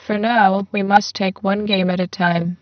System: VC, spectral filtering